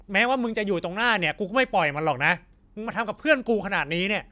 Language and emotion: Thai, angry